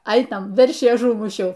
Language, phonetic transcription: Lithuanian, ˈainam ˈveršį aˈžūmušiau

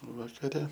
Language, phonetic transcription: Lithuanian, vakaˈre

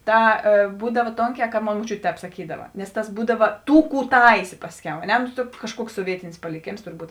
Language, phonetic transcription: Lithuanian, ˈta ė ˈbūdav ˈtonˌkē ka ˈmon moˈčiutė ˈtēp saˈkydava nes ˈtas ˈbūdava ˈtų ˈkų ˈtaisė ˈpasˌkiau a ˈne no ˈkažˌkuoks soˈvietinis paliˈkėms turˈbūt

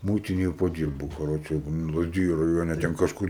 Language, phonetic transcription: Lithuanian, ˈmūitinėj paˈdyrbu kaˈroče lazˈdiju raˈjone ten kažˈkur

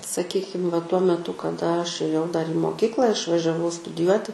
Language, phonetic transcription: Lithuanian, saˈkykim va tuo meˈtu kaˈda aš ėˈjau dar į moˈkykla išvažiaˈvau studiˈjuoti

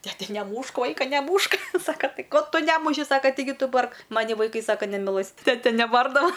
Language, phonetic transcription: Lithuanian, teˈte neˈmūšk ˈvaika neˈmūšk ˈsaka ˈti ˈko ˈtu ˈnemuši ˈsaka tiˈgi ˈtu ˈbark ˈmani vaiˈkai ˈsaka nemiˈlɘs ˈtete neˈbardava

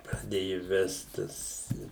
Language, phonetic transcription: Lithuanian, praˈdėju ˈvest ˈtas

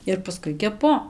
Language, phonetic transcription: Lithuanian, ir paˈskui keˈpu

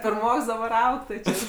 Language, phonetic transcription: Lithuanian, pirˈmoks daˈbar ˈaug tai ˈčia

